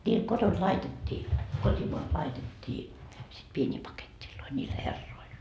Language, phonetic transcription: Finnish, ńiil 'kotont 'laitet́t́ii , kot́imoast 'laitet́t́ii , sit pieńii 'paket́t́illoi ńiil 'herroil .
- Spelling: niille kotoa laitettiin kotimaasta laitettiin sitten pieniä paketteja niille herroille

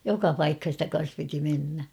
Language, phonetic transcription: Finnish, 'joka "paikhan̬ stä kan̬s piti 'mennä .
- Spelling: joka paikkaan sitä kanssa piti mennä

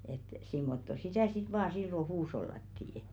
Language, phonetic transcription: Finnish, et , 'simmotto sitä̀ sit 'vaa sillo "huush̬ollattii' .
- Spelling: että sillä lailla sitä sitten vain silloin huushollattiin

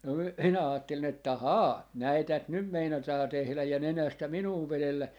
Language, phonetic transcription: Finnish, no mi- , minä 'aattelin 'että » "haa , 'näi 'tät "nym 'meinataa 'tehläj ja 'nenästä "minuu 'velellä » .
- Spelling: no - minä ajattelin että haa näin tätä nyt meinataan tehdä ja nenästä minua vedellä

